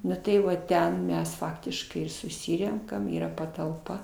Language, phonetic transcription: Lithuanian, ˈnu tai ˈva ˈten ˈmes ˈfaktiškai ir suˈsirenkam ˈyra patalˈpa

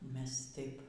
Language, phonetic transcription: Lithuanian, ˈmes ˈtaip

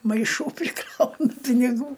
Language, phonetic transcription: Lithuanian, maiˈšų priˈkrauna piniˈgų

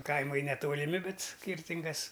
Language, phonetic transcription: Lithuanian, ˈkaimai netoliˈmi ˈbet ˈskyrtingas

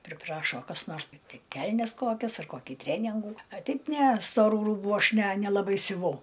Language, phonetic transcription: Lithuanian, priˈprašo kas ˈnors ˈtai ˈkelnes ˈkokias ar ˈkoki ˈtreningų a ˈteip ˈne stoˈrų ˈrūbu ˈaš ne nelaˈbai siuˈvau

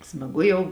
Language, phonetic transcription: Lithuanian, smaˈgu jau

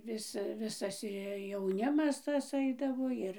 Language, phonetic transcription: Lithuanian, ˈvis ˈvisas i jauˈnimas ˈtas ˈaidavo ˈir

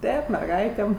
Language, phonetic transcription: Lithuanian, ˈtėp merˈgaitėm

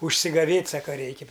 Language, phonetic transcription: Lithuanian, užsigaˈvėt' ˈsaka ˈreiki

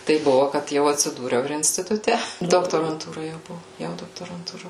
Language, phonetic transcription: Lithuanian, ˈtaip ˈbuvo kad ˈjau atsiˈdūriau ir instituˈte doktoranˈtūra jau ˈbuvo ˈjau doktorantūˈra

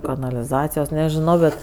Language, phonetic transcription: Lithuanian, kanaliˈzacijos nežiˈnau bet

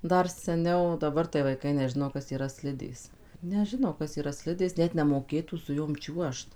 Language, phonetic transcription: Lithuanian, ˈdar seˈniau daˈbar tai vaiˈkai neˈžino ˈkas yˈra ˈslidės neˈžino ˈkas yˈra ˈslidės ˈnet nemoˈkėtų su ˈjom ˈčiuožt

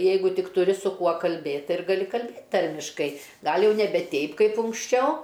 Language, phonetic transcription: Lithuanian, ˈjeigu ˈtik tuˈri su ˈkuo kalˈbėt' ˈtai ir gaˈli kalˈbėt' ˈtarmiškai ˈgal' ˈjau neˈbe ˈteip ˈkaip unksˈčiau

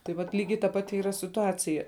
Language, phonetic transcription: Lithuanian, tai vat ˈlygiai ta ˈpati ˈyra situˈacija

